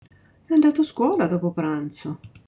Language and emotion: Italian, surprised